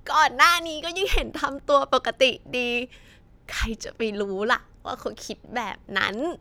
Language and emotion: Thai, happy